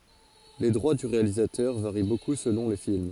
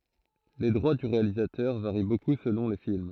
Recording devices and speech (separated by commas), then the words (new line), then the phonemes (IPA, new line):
forehead accelerometer, throat microphone, read sentence
Les droits du réalisateur varient beaucoup selon les films.
le dʁwa dy ʁealizatœʁ vaʁi boku səlɔ̃ le film